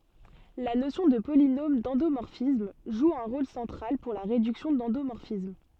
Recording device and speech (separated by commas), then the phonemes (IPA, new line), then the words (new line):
soft in-ear microphone, read sentence
la nosjɔ̃ də polinom dɑ̃domɔʁfism ʒu œ̃ ʁol sɑ̃tʁal puʁ la ʁedyksjɔ̃ dɑ̃domɔʁfism
La notion de polynôme d'endomorphisme joue un rôle central pour la réduction d'endomorphisme.